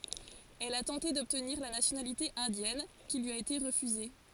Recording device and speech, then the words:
forehead accelerometer, read sentence
Elle a tenté d'obtenir la nationalité indienne, qui lui a été refusée.

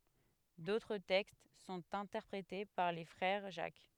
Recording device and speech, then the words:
headset microphone, read sentence
D’autres textes sont interprétés par les Frères Jacques.

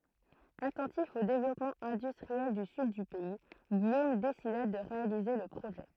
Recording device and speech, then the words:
throat microphone, read sentence
Attentif au développement industriel du sud du pays, Guillaume décida de réaliser le projet.

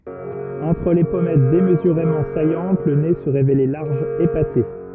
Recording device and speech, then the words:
rigid in-ear microphone, read sentence
Entre les pommettes démesurément saillantes, le nez se révélait large, épaté.

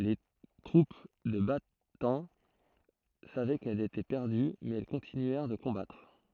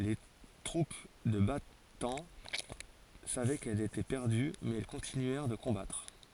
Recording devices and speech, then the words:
throat microphone, forehead accelerometer, read sentence
Les troupes de Bataan savaient qu'elles étaient perdues mais elles continuèrent de combattre.

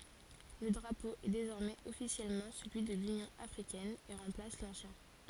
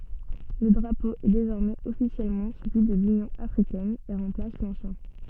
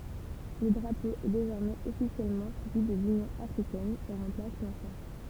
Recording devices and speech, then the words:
forehead accelerometer, soft in-ear microphone, temple vibration pickup, read sentence
Le drapeau est désormais officiellement celui de l'Union africaine et remplace l'ancien.

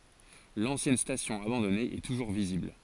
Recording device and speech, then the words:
forehead accelerometer, read sentence
L'ancienne station abandonnée est toujours visible.

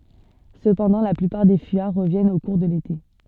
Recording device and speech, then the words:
soft in-ear microphone, read sentence
Cependant la plupart des fuyards reviennent au cours de l'été.

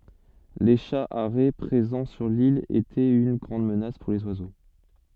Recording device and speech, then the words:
soft in-ear microphone, read sentence
Les chats harets présents sur l’île étaient une grande menace pour les oiseaux.

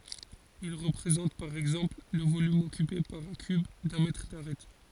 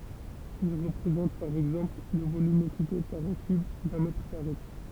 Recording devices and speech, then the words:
forehead accelerometer, temple vibration pickup, read sentence
Il représente, par exemple, le volume occupé par un cube d'un mètre d'arête.

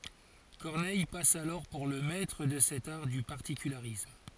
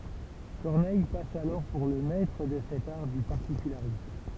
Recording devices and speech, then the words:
forehead accelerometer, temple vibration pickup, read sentence
Corneille passe alors pour le maître de cet art du particularisme.

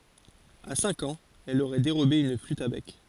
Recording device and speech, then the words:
forehead accelerometer, read sentence
À cinq ans, elle aurait dérobé une flûte à bec.

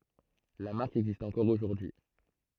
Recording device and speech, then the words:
throat microphone, read sentence
La marque existe encore aujourd'hui.

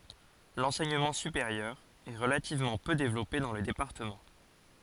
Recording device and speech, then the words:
forehead accelerometer, read sentence
L'enseignement supérieur est relativement peu développé dans le département.

